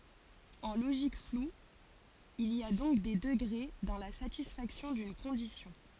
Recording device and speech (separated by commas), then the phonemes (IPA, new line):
forehead accelerometer, read sentence
ɑ̃ loʒik flu il i a dɔ̃k de dəɡʁe dɑ̃ la satisfaksjɔ̃ dyn kɔ̃disjɔ̃